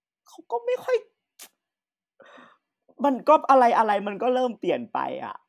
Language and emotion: Thai, sad